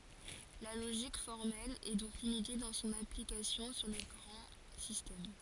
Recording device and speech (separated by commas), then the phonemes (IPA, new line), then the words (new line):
forehead accelerometer, read sentence
la loʒik fɔʁmɛl ɛ dɔ̃k limite dɑ̃ sɔ̃n aplikasjɔ̃ syʁ le ɡʁɑ̃ sistɛm
La logique formelle est donc limitée dans son application sur les grands systèmes.